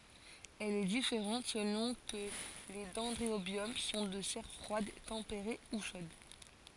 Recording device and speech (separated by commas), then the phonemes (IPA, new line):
forehead accelerometer, read sentence
ɛl ɛ difeʁɑ̃t səlɔ̃ kə le dɛ̃dʁobjɔm sɔ̃ də sɛʁ fʁwad tɑ̃peʁe u ʃod